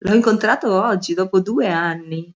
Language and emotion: Italian, surprised